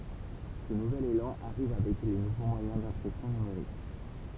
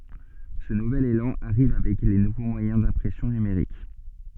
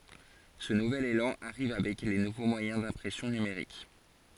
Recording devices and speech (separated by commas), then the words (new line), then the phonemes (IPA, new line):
temple vibration pickup, soft in-ear microphone, forehead accelerometer, read sentence
Ce nouvel élan arrive avec les nouveaux moyens d'impression numérique.
sə nuvɛl elɑ̃ aʁiv avɛk le nuvo mwajɛ̃ dɛ̃pʁɛsjɔ̃ nymeʁik